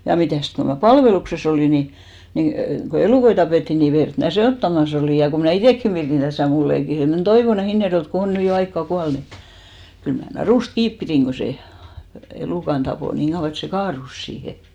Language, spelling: Finnish, ja mitäs kun minä palveluksessa olin niin niin kun elukoita tapettiin niin verta minä sekoittamassa olin ja kun minä itsekin pidin tässä mulleja pidin semmoinen Toivonen Hinnerjoelta kun on nyt jo aikaa kuollut mutta kyllä minä narusta kiinni pidin kun se elukan tappoi niin kauan että se kaatui siihen
- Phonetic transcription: ja 'mitä̀st ko ma̳§ "palvelukse's ‿olì ni , nin , ko 'elùkoi tapètti ni , 'vert mä "se₍òttamas ‿olìj ja ko mnä̀ "itèkki (pirin) täsä̀ 'mullei 'pirìn̬ semmonen "Toivone 'Hinnerjo₍elt ko "on 'nỳ jo "aikkà 'kual mut , 'kyl mä 'narùst "kiip 'pirìŋ ɢo 'se , elùkan ᴅapò 'niiŋ ɢauʷa et se "kaarus siihe .

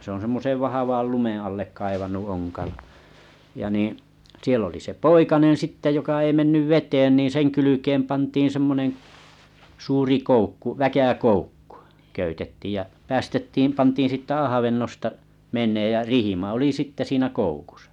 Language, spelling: Finnish, se on semmoisen vahvan lumen alle kaivanut onkalo ja niin siellä oli se poikanen sitten joka ei mennyt veteen niin sen kylkeen pantiin semmoinen suuri koukku väkäkoukku köytettiin ja päästettiin pantiin sitten avannosta menemään ja rihma oli sitten siinä koukussa
- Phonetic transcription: sᵉ ‿òn semmosev 'vahavàl "lumeḛ allek 'kaivanu 'oŋkalo , ja nii , 'siel ‿oli se "poikanen 'sitte joka ei 'mennyv "veteen niin 'seŋ kylykeem 'pantiin 'semmonen , 'suuri 'koukku , 'väkäkoukkᴜ , köytettiij ja 'päästettiim 'pantiin sitte 'ahavennosta , 'meǹeej jä "rihima oli 'sitte 'siinä 'koukusᴀ .

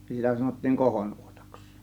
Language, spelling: Finnish, niin sitä sanottiin kohonuotaksi
- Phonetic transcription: (ni) 'sitä sanottiiŋ "kohonuotAks .

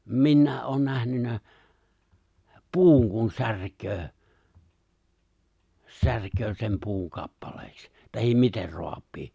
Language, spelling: Finnish, minä olen nähnyt puun kun särkee särkee sen puun kappaleiksi tai miten raapii
- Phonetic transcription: 'minnä̀e’ ’oon 'nähnyn̆nä , "puuŋ kun 'särköö , 'särköö sem 'puuŋ 'kappalèiks , tahim 'miter 'roap̀ii .

